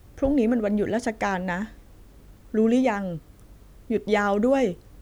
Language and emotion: Thai, neutral